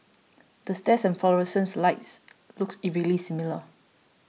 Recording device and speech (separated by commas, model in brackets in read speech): mobile phone (iPhone 6), read sentence